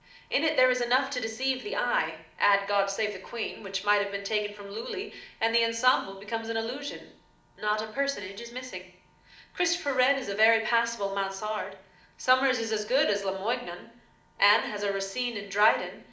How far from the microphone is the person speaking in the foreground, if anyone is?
2.0 m.